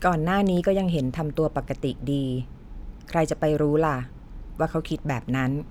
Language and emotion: Thai, neutral